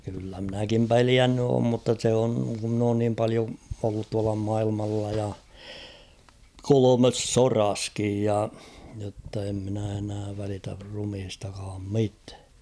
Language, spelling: Finnish, kyllä minäkin pelännyt olen mutta se on kun minä olen niin paljon ollut tuolla maailmalla ja kolmessa sodassakin ja jotta en minä enää välitä ruumiistakaan mitään
- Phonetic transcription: kyllä mᵎnäkim "peliänny oom mutta se oŋ ku ‿mn ‿oon niim 'palio ollut tuala 'mailmalla ja , 'kolomes "soraskij ja , jotta em minä enää 'välitär rumhistakaam 'mitᴀ̈ᴀ̈ .

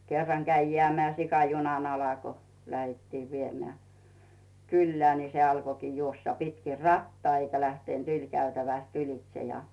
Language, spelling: Finnish, kerran kävi jäämään sika junan alle kun lähdettiin viemään kylään niin se alkoikin juosta pitkin rataa eikä lähtenyt ylikäytävästä ylitse ja
- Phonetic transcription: 'kerraŋ käi jeä̀meä̀ sika 'junan ala ko , 'lähettiiv 'viemᵉä̀ , kullᵉää , ni se 'alkokii 'juossa 'pitki "rattaa eikä lähtent "yĺ'käytäväst 'ylitse ja .

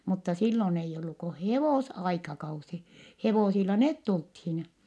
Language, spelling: Finnish, mutta silloin ei ollut kuin hevosaikakausi hevosilla ne tultiin
- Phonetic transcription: mutta sillon ‿eijj ‿ollu ko hevòs₍aikakausi , hevosilla net tulthin .

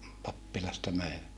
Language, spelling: Finnish, pappilasta möivät
- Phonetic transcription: pappilasta möi(vät) .

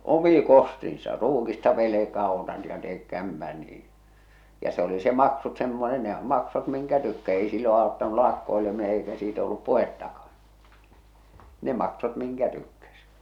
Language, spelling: Finnish, omin kostinsa ruukista velkaa otat ja teet kämpän niin ja se oli se maksut - nehän maksoivat minkä - ei silloin auttanut lakkoileminen eikä siitä ollut puhettakaan ne maksoivat minkä tykkäsi
- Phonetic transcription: omi ̳ 'kostinsa , "ruukista 'velekaa otat ja teek "kämpän niiḭ , ja se oli se 'maksut semmose- nehäm 'maksot miŋkä tykkä- èi sillo àottanu 'lakkoelemine eikä siitᵃ̈ ‿ollup "puhettakᴀᴀɴ , ne 'maksot 'miŋkä tykkäs .

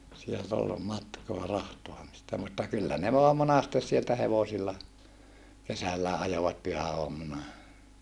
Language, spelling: Finnish, sieltä oli matkaa rahtaamista mutta kyllä ne vain monasti sieltä hevosilla kesälläkin ajoivat pyhäaamuna
- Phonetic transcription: sielt ‿ol , matkoa rahtoamista mutta kyllä ne voam monastes sieltä hevosilla , kesällää ʼajovat pyhä₍oammuna .

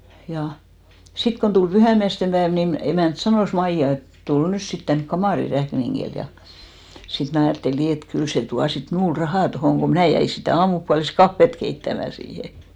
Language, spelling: Finnish, ja sitten kun tuli pyhäinmiesten päivä niin emäntä sanoi Maija että tule nyt sitten tänne kamariin räkningille ja sitten minä ajattelin niin että kyllä se tuo sitten minulle rahaa tuohon kun minä jäin sitä aamupuoliskahvia keittämään siihen
- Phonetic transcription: ja , 'sit kon tul 'pyhä̀miästem päev ni'n ‿emä̀nt "sanòs 'Maija et , » 'tul nys 'sit tänk "kamàri 'räkniŋɢil « ja , sit 'mnä̀ ajàtteli 'nii et 'kyl se 'tua sit "mnuul rahà 'tohòŋ ko "mnä̀ jäi sitä̀ "aamupualis'kaffet keittämä siihe .

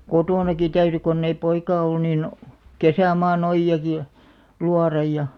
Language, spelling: Finnish, kotonakin täytyi kun ei poikaa ollut niin kesämaan ojiakin ja luoda ja
- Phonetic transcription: kotònaki 'täyry konn ‿ei 'poikaa ollᵘ niin , "kesä̀maa'n ‿ojj₍aki ʲᵃ , 'luaraj ja ,.

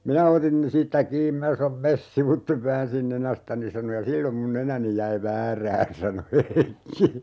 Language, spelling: Finnish, minä otin siitä kiinni minä sanoin mene sivuitse väänsin nenästäni sanoi ja silloin minun nenäni jäi väärään sanoi Heikki
- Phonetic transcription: » 'minä otin , 'siittä "kiim 'mi(n)ä sanom ""mes 'sivuttev " 'väänsin "nenästäni » sano » ja "sillom mun 'nenäni jäi "väärään » sano 'Heikki .

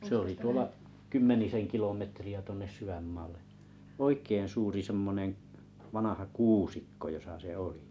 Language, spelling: Finnish, se oli tuolla kymmenisen kilometriä tuonne sydänmaalle oikein suuri semmoinen vanha kuusikko jossa se oli
- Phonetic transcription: sᵉ ‿oli 'tuola , 'kymmenisen 'kilometri₍ä tuonnes 'syvämmaallᴇ , "oik̀ein 'suuri 'semmoneḛ , 'vanaha "kuusikko josa se 'oli .

